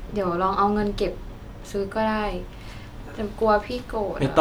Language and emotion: Thai, sad